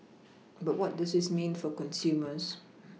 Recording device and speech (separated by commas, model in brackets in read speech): mobile phone (iPhone 6), read sentence